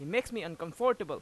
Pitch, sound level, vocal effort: 220 Hz, 96 dB SPL, very loud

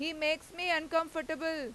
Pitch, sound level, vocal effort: 320 Hz, 95 dB SPL, loud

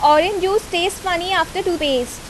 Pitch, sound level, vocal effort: 360 Hz, 87 dB SPL, loud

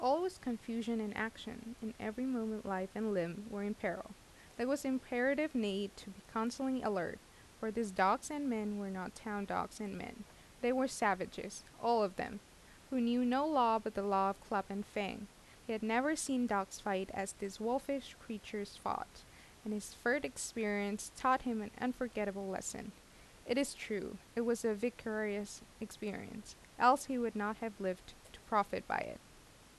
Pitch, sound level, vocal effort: 220 Hz, 82 dB SPL, normal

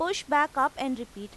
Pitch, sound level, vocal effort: 270 Hz, 93 dB SPL, loud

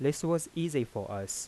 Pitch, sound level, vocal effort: 135 Hz, 85 dB SPL, soft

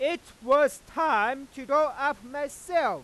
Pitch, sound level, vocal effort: 285 Hz, 107 dB SPL, very loud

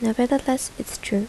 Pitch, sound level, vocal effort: 245 Hz, 74 dB SPL, soft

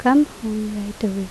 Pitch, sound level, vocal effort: 215 Hz, 76 dB SPL, soft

